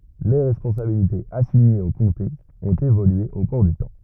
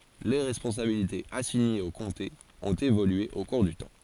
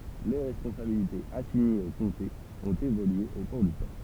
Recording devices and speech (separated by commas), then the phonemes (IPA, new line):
rigid in-ear microphone, forehead accelerometer, temple vibration pickup, read sentence
le ʁɛspɔ̃sabilitez asiɲez o kɔ̃tez ɔ̃t evolye o kuʁ dy tɑ̃